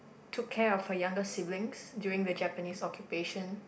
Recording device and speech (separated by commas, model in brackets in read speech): boundary microphone, conversation in the same room